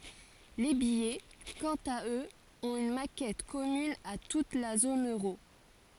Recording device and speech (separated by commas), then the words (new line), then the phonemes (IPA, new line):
forehead accelerometer, read sentence
Les billets, quant à eux, ont une maquette commune à toute la zone euro.
le bijɛ kɑ̃t a øz ɔ̃t yn makɛt kɔmyn a tut la zon øʁo